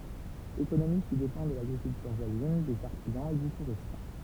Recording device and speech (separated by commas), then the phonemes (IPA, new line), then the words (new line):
temple vibration pickup, read sentence
ekonomi ki depɑ̃ də laɡʁikyltyʁ vwazin dez aʁtizɑ̃z e dy tuʁism
Économie qui dépend de l'agriculture voisine, des artisans, et du tourisme.